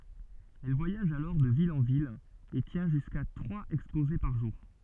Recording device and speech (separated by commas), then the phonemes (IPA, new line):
soft in-ear microphone, read sentence
ɛl vwajaʒ alɔʁ də vil ɑ̃ vil e tjɛ̃ ʒyska tʁwaz ɛkspoze paʁ ʒuʁ